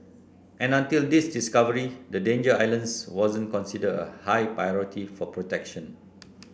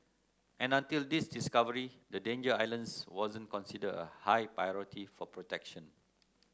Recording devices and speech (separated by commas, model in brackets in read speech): boundary microphone (BM630), close-talking microphone (WH30), read sentence